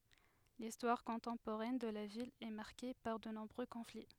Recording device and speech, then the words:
headset microphone, read sentence
L'histoire contemporaine de la ville est marquée par de nombreux conflits.

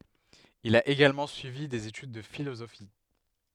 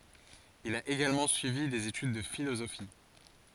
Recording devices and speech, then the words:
headset microphone, forehead accelerometer, read sentence
Il a également suivi des études de philosophie.

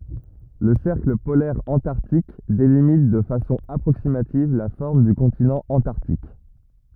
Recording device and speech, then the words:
rigid in-ear microphone, read sentence
Le cercle polaire antarctique délimite de façon approximative la forme du continent Antarctique.

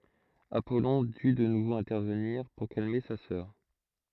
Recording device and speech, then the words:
throat microphone, read sentence
Apollon dut de nouveau intervenir, pour calmer sa sœur.

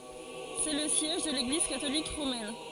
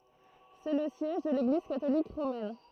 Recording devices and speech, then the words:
forehead accelerometer, throat microphone, read sentence
C'est le siège de l'Église catholique romaine.

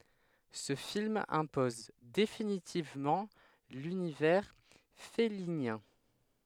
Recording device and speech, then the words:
headset microphone, read sentence
Ce film impose définitivement l'univers fellinien.

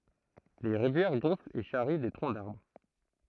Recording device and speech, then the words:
throat microphone, read sentence
Les rivières gonflent et charrient des troncs d’arbres.

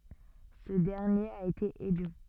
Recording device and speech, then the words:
soft in-ear microphone, read sentence
Ce dernier a été élu.

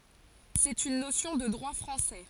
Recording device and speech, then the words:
forehead accelerometer, read sentence
C'est une notion de droit français.

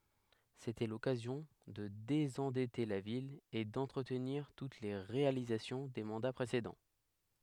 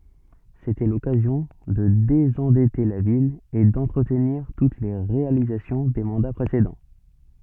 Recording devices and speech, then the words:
headset microphone, soft in-ear microphone, read sentence
C’était l’occasion de désendetter la ville et d’entretenir toutes les réalisations des mandats précédents.

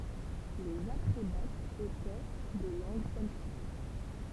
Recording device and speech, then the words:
temple vibration pickup, read sentence
Les Atrébates étaient de langue celtique.

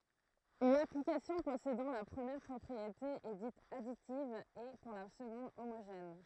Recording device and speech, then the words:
throat microphone, read sentence
Une application possédant la première propriété est dite additive et, pour la seconde, homogène.

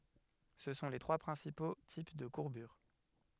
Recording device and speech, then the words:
headset microphone, read sentence
Ce sont les trois principaux types de courbures.

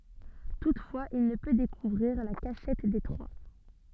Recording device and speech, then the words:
soft in-ear microphone, read sentence
Toutefois, il ne peut découvrir la cachette des Trois.

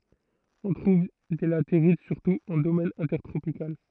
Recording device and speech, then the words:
throat microphone, read sentence
On trouve des latérites surtout en domaine intertropical.

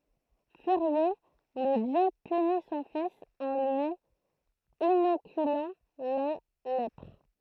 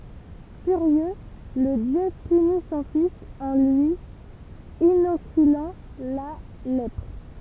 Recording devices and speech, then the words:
throat microphone, temple vibration pickup, read sentence
Furieux, le dieu punit son fils en lui inoculant la lèpre.

